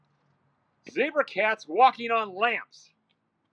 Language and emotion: English, angry